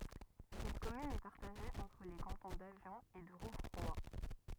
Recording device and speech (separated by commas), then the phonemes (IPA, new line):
rigid in-ear microphone, read sentence
sɛt kɔmyn ɛ paʁtaʒe ɑ̃tʁ le kɑ̃tɔ̃ davjɔ̃ e də ʁuvʁwa